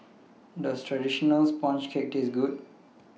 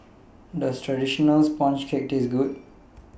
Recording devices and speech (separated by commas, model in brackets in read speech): mobile phone (iPhone 6), boundary microphone (BM630), read sentence